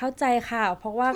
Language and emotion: Thai, neutral